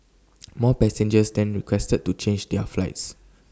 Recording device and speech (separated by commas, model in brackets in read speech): standing microphone (AKG C214), read sentence